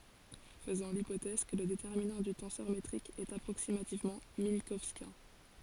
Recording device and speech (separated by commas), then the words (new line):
forehead accelerometer, read sentence
Faisons l'hypothèse que le déterminant du tenseur métrique est approximativement minkowskien.